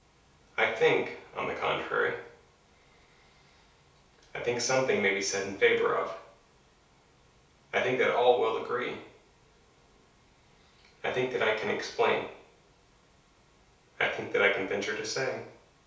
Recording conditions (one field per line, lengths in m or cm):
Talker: one person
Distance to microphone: 3.0 m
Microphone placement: far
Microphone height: 1.8 m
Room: small (3.7 m by 2.7 m)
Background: none